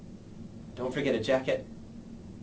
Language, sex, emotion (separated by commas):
English, male, neutral